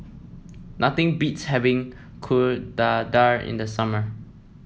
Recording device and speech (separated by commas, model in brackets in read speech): mobile phone (iPhone 7), read sentence